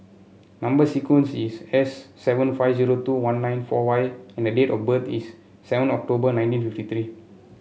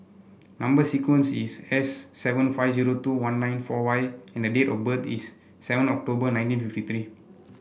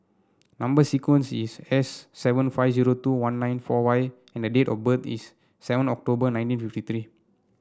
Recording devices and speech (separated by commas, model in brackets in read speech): mobile phone (Samsung C7), boundary microphone (BM630), standing microphone (AKG C214), read sentence